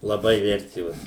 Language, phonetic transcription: Lithuanian, laˈbai ˈvertėvos

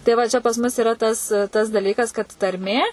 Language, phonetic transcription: Lithuanian, tai ˈva čia pas ˈmus iˈra tas tas daˈlykas kad tarˈmė

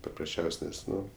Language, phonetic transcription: Lithuanian, paprasˈčiaus' ˈnes ˈnu

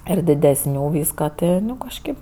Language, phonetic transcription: Lithuanian, ir didesˈnių ˈvyska ˈti nu kažˈkėp

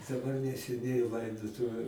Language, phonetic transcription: Lithuanian, daˈbar neseˈniai ˈlaidotuviu

